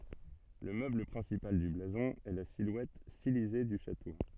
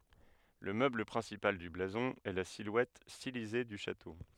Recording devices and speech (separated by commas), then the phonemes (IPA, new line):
soft in-ear microphone, headset microphone, read sentence
lə møbl pʁɛ̃sipal dy blazɔ̃ ɛ la silwɛt stilize dy ʃato